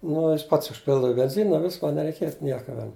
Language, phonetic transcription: Lithuanian, nu ˈjis ˈpats užˈpildava i benˈzina ˈviska nereiˈkėt ˈnieka ˈven

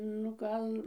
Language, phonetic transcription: Lithuanian, nu ˈkan

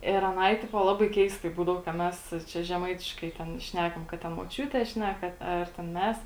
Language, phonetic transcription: Lithuanian, ir aˈnai ˈtipo ˈlabai ˈkeistai ˈbūdavo ka ˈmes ˈčia žeˈmaitiškai ˈten ˈšnekam kad ten moˈčiūtė ˈšneka ˈar ten ˈmes

